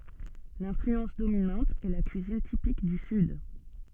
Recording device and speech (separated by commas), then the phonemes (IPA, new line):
soft in-ear microphone, read sentence
lɛ̃flyɑ̃s dominɑ̃t ɛ la kyizin tipik dy syd